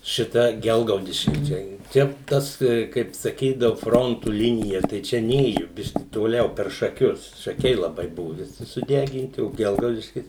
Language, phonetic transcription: Lithuanian, šiˈta ˈgelgaudiški ˈčia ˈčia ˈtas kaip saˈkydavu ˈfrontu ˈlinija tai ˈčia ˈnėju ˈbiški toˈliau per šaˈkius šaˈkiai laˈbai ˈbuvu viˈsi suˈdeginti o ˈgelgaudiškis

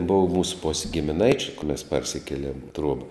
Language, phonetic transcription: Lithuanian, ˈbova ˈmūs pos' gimiˈnaičiu juk mes ˈparsikėˌliem i ˈtruoba

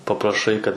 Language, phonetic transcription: Lithuanian, papraˈšai kad

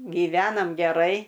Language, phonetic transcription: Lithuanian, gyˈvenam geˈrai

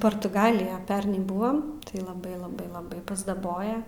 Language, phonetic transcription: Lithuanian, portuˈgalija ˈpernai ˈbuvom tai laˈbai laˈbai laˈbai pasdaˈboja

